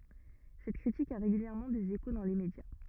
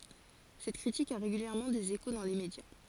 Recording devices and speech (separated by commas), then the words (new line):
rigid in-ear microphone, forehead accelerometer, read sentence
Cette critique a régulièrement des échos dans les médias.